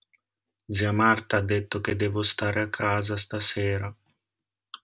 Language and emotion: Italian, sad